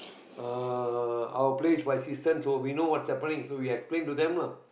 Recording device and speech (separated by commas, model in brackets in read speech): boundary microphone, conversation in the same room